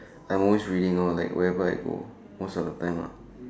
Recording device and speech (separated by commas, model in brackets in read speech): standing microphone, conversation in separate rooms